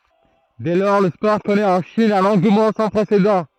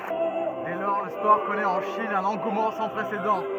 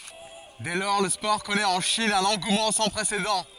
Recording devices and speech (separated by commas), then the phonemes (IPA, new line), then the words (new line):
throat microphone, rigid in-ear microphone, forehead accelerometer, read sentence
dɛ lɔʁ lə spɔʁ kɔnɛt ɑ̃ ʃin œ̃n ɑ̃ɡumɑ̃ sɑ̃ pʁesedɑ̃
Dès lors le sport connaît en Chine un engouement sans précédent.